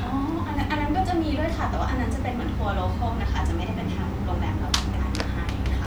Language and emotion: Thai, happy